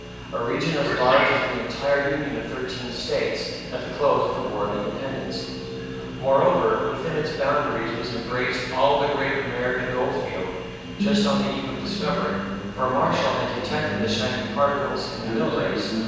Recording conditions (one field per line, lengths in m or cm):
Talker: one person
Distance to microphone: 7.1 m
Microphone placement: far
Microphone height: 1.7 m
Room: very reverberant, large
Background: television